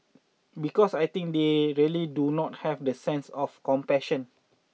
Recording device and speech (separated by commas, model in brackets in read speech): mobile phone (iPhone 6), read sentence